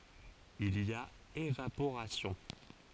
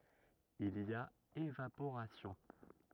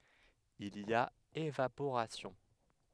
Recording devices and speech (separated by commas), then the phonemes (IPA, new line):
forehead accelerometer, rigid in-ear microphone, headset microphone, read sentence
il i a evapoʁasjɔ̃